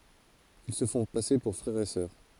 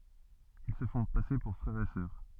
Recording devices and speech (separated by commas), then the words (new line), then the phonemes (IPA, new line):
forehead accelerometer, soft in-ear microphone, read sentence
Ils se font passer pour frère et sœur.
il sə fɔ̃ pase puʁ fʁɛʁ e sœʁ